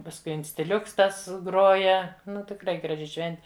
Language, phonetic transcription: Lithuanian, pasˈkui instiˈliuks ˈtas ˈgroja ˈnu tikˈrai graˈži ˈšventi

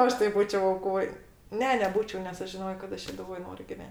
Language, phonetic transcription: Lithuanian, ˈaš tai ˈbūčiau auˈkoj ˈne neˈbūčiau nes ˈaš žiˈnojo kad ˈaš šeduˈvoj ˈnoriu giˈven'

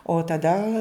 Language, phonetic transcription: Lithuanian, o taˈda

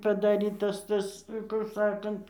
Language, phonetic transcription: Lithuanian, padaˈrytas ˈtas kur ˈsakant

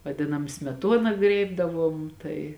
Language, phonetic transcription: Lithuanian, vaˈdinam smeˈtuona ˈgrėibdavuom ˈtai

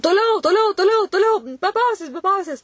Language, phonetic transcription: Lithuanian, toˈliau toˈliau toˈliau toˈliau be ˈpauzės be ˈpauzės

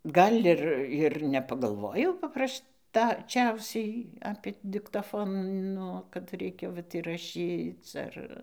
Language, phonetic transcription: Lithuanian, ˈgal' ˈir ir nepagalˈvojau paˈpraš taˈčiausiai apė diktaˈfono kad ˈreikia ˈvat iraˈšyc ˈar

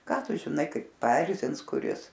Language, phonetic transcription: Lithuanian, ˈką ˈtu žiˈnai ˈkaip paˈerzins kuˈris

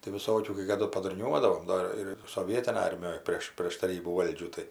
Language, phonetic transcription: Lithuanian, tai viˈsokių kai kaˈdu padurˈniuodavom ˈdo ir soˈvietinaj ˈarmijoj ˈprėš prėš taˈrybų ˈvaldžių ˈtai

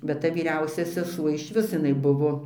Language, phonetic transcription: Lithuanian, bet ˈta vyˈriausia seˈsuo išˈvis jiˈnai ˈbuvo

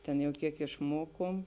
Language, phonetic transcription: Lithuanian, ten jau ˈkiek išˈmokom

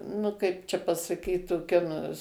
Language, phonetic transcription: Lithuanian, nu ˈkaip čia pasaˈkyt toˈkia nu

